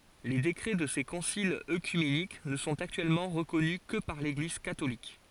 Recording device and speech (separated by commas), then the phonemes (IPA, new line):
forehead accelerometer, read sentence
le dekʁɛ də se kɔ̃silz økymenik nə sɔ̃t aktyɛlmɑ̃ ʁəkɔny kə paʁ leɡliz katolik